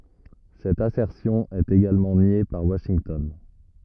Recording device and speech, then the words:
rigid in-ear microphone, read sentence
Cette assertion est également niée par Washington.

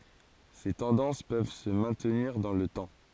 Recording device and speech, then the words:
forehead accelerometer, read sentence
Ces tendances peuvent se maintenir dans le temps.

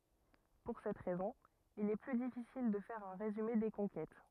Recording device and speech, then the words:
rigid in-ear microphone, read sentence
Pour cette raison il est plus difficile de faire un résumé des conquêtes.

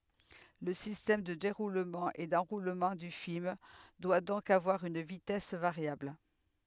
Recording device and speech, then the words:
headset microphone, read sentence
Le système de déroulement et d'enroulement du film doit donc avoir une vitesse variable.

